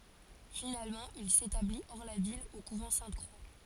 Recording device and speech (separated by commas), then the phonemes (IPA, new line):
forehead accelerometer, read sentence
finalmɑ̃ il setabli ɔʁ la vil o kuvɑ̃ sɛ̃tkʁwa